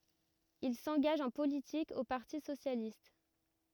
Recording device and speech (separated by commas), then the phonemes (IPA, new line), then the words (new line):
rigid in-ear microphone, read sentence
il sɑ̃ɡaʒ ɑ̃ politik o paʁti sosjalist
Il s'engage en politique au Parti socialiste.